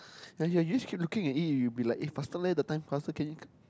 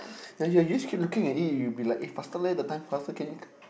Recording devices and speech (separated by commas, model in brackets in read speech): close-talking microphone, boundary microphone, conversation in the same room